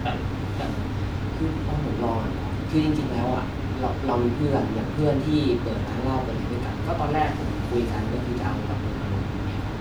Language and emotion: Thai, frustrated